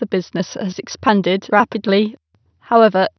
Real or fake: fake